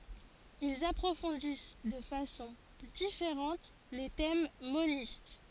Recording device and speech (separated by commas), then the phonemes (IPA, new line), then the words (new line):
forehead accelerometer, read sentence
ilz apʁofɔ̃dis də fasɔ̃ difeʁɑ̃t le tɛm monist
Ils approfondissent de façon différente les thèmes monistes.